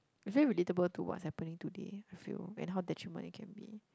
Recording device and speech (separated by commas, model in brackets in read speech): close-talking microphone, conversation in the same room